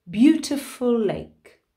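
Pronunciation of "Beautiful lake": In 'beautiful lake', the two words are connected: the L at the end of 'beautiful' is dropped and not repeated, so only one L sound is heard.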